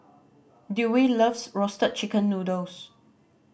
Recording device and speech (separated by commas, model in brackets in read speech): boundary microphone (BM630), read sentence